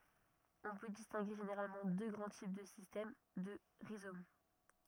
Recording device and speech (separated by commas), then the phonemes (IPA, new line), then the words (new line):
rigid in-ear microphone, read sentence
ɔ̃ pø distɛ̃ɡe ʒeneʁalmɑ̃ dø ɡʁɑ̃ tip də sistɛm də ʁizom
On peut distinguer généralement deux grands types de système de rhizome.